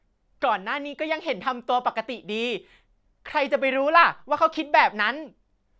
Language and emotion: Thai, happy